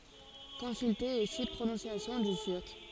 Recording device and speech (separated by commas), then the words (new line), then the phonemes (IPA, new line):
forehead accelerometer, read sentence
Consulter aussi Prononciation du turc.
kɔ̃sylte osi pʁonɔ̃sjasjɔ̃ dy tyʁk